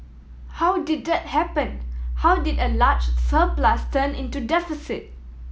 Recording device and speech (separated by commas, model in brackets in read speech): mobile phone (iPhone 7), read sentence